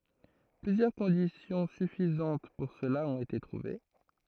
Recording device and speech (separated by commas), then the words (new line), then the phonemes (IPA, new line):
throat microphone, read sentence
Plusieurs conditions suffisantes pour cela ont été trouvées.
plyzjœʁ kɔ̃disjɔ̃ syfizɑ̃t puʁ səla ɔ̃t ete tʁuve